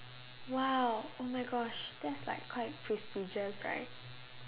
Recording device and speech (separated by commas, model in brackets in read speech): telephone, conversation in separate rooms